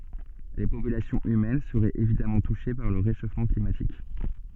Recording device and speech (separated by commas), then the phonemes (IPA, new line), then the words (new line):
soft in-ear microphone, read sentence
le popylasjɔ̃z ymɛn səʁɛt evidamɑ̃ tuʃe paʁ lə ʁeʃofmɑ̃ klimatik
Les populations humaines seraient évidemment touchées par le réchauffement climatique.